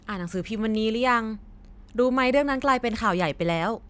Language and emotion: Thai, neutral